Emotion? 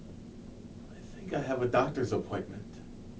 neutral